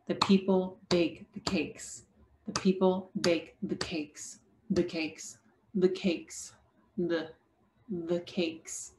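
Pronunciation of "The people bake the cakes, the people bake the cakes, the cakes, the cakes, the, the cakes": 'The people bake the cakes' has six syllables, but only three of them are stressed, so it is said in three beats. The pitch increases on 'the cakes'.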